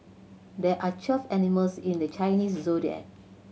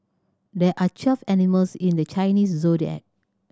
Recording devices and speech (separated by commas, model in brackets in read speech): mobile phone (Samsung C7100), standing microphone (AKG C214), read sentence